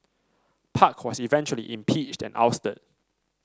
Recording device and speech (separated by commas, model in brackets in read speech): standing microphone (AKG C214), read sentence